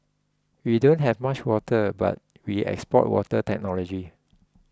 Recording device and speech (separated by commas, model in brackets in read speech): close-talking microphone (WH20), read sentence